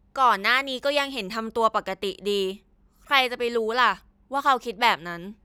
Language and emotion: Thai, frustrated